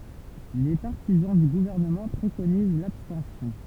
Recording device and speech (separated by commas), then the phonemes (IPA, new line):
temple vibration pickup, read sentence
le paʁtizɑ̃ dy ɡuvɛʁnəmɑ̃ pʁekoniz labstɑ̃sjɔ̃